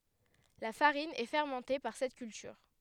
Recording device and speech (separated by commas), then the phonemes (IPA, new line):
headset microphone, read sentence
la faʁin ɛ fɛʁmɑ̃te paʁ sɛt kyltyʁ